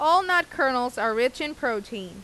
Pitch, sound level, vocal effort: 250 Hz, 94 dB SPL, loud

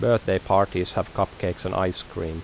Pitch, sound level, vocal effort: 95 Hz, 82 dB SPL, normal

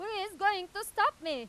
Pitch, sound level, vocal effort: 400 Hz, 101 dB SPL, very loud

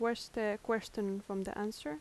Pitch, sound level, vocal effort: 210 Hz, 80 dB SPL, soft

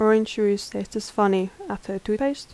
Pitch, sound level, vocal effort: 210 Hz, 79 dB SPL, soft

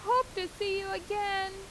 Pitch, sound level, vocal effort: 390 Hz, 92 dB SPL, loud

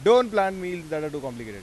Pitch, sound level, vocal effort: 170 Hz, 99 dB SPL, very loud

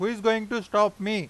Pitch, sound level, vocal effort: 210 Hz, 97 dB SPL, very loud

